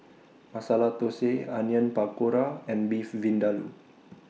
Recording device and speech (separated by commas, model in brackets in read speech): mobile phone (iPhone 6), read sentence